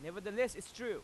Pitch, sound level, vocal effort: 210 Hz, 98 dB SPL, very loud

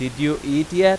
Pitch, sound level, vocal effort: 150 Hz, 97 dB SPL, very loud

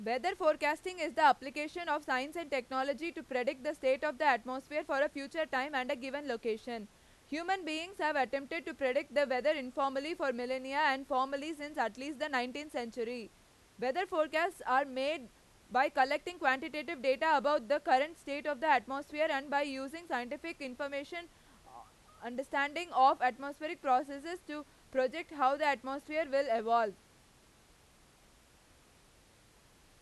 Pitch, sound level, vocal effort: 280 Hz, 97 dB SPL, very loud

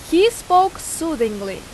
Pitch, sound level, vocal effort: 330 Hz, 91 dB SPL, very loud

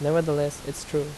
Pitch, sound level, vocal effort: 145 Hz, 81 dB SPL, normal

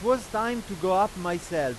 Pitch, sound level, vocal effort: 195 Hz, 99 dB SPL, very loud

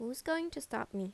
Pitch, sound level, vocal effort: 245 Hz, 81 dB SPL, normal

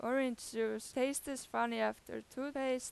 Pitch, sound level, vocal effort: 245 Hz, 91 dB SPL, loud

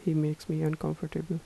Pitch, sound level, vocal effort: 155 Hz, 77 dB SPL, soft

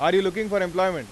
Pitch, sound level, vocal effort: 190 Hz, 99 dB SPL, very loud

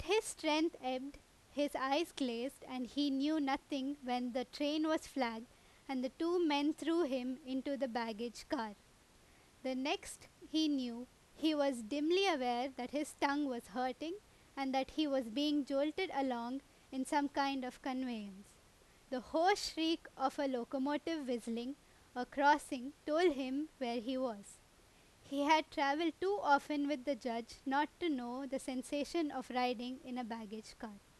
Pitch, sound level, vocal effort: 275 Hz, 89 dB SPL, very loud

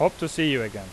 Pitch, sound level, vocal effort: 155 Hz, 91 dB SPL, loud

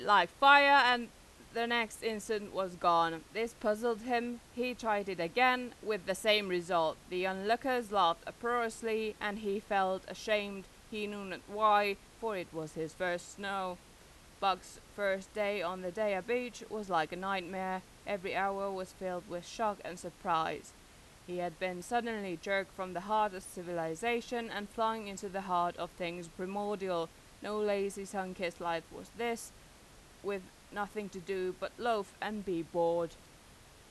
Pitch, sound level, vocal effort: 200 Hz, 92 dB SPL, very loud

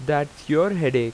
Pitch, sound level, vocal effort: 145 Hz, 90 dB SPL, loud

